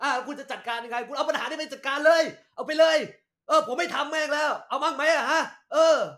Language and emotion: Thai, angry